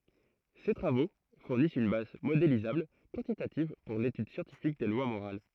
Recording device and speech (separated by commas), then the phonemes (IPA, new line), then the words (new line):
throat microphone, read sentence
se tʁavo fuʁnist yn baz modelizabl kwɑ̃titativ puʁ letyd sjɑ̃tifik de lwa moʁal
Ces travaux fournissent une base modélisable, quantitative, pour l'étude scientifique des lois morales.